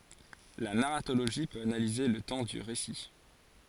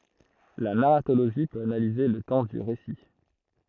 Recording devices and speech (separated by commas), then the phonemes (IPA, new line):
forehead accelerometer, throat microphone, read sentence
la naʁatoloʒi pøt analize lə tɑ̃ dy ʁesi